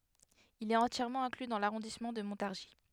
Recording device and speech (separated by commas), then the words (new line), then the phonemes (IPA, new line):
headset microphone, read sentence
Il est entièrement inclus dans l'arrondissement de Montargis.
il ɛt ɑ̃tjɛʁmɑ̃ ɛ̃kly dɑ̃ laʁɔ̃dismɑ̃ də mɔ̃taʁʒi